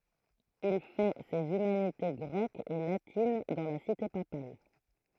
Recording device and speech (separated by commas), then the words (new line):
throat microphone, read sentence
Il fait ses humanités grecques et latines dans la cité papale.